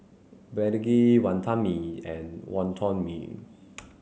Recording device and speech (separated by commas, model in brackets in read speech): mobile phone (Samsung C7), read sentence